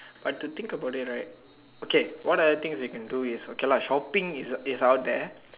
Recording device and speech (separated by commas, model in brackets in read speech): telephone, conversation in separate rooms